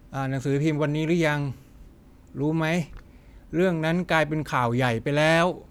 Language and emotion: Thai, neutral